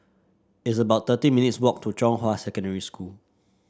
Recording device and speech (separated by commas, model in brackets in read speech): standing microphone (AKG C214), read sentence